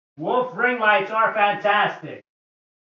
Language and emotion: English, sad